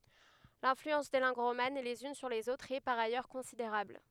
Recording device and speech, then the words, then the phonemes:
headset microphone, read sentence
L'influence des langues romanes les unes sur les autres est par ailleurs considérable.
lɛ̃flyɑ̃s de lɑ̃ɡ ʁoman lez yn syʁ lez otʁz ɛ paʁ ajœʁ kɔ̃sideʁabl

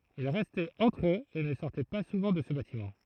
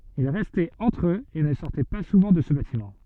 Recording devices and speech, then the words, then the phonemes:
throat microphone, soft in-ear microphone, read sentence
Ils restaient entre eux et ne sortaient pas souvent de ce bâtiment.
il ʁɛstɛt ɑ̃tʁ øz e nə sɔʁtɛ pa suvɑ̃ də sə batimɑ̃

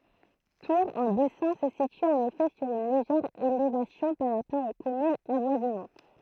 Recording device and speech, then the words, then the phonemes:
throat microphone, read sentence
Tour-en-Bessin se situe en effet sur une légère élévation par rapport aux communes avoisinantes.
tuʁ ɑ̃ bɛsɛ̃ sə sity ɑ̃n efɛ syʁ yn leʒɛʁ elevasjɔ̃ paʁ ʁapɔʁ o kɔmynz avwazinɑ̃t

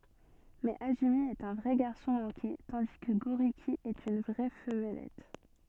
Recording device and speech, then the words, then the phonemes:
soft in-ear microphone, read sentence
Mais Azumi est un vrai garçon manqué, tandis que Gôriki est une vraie femmelette.
mɛz azymi ɛt œ̃ vʁɛ ɡaʁsɔ̃ mɑ̃ke tɑ̃di kə ɡoʁiki ɛt yn vʁɛ famlɛt

